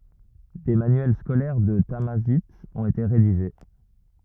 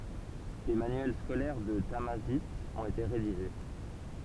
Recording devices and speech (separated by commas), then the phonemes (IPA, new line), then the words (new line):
rigid in-ear microphone, temple vibration pickup, read sentence
de manyɛl skolɛʁ də tamazajt ɔ̃t ete ʁediʒe
Des manuels scolaires de tamazight ont été rédigés.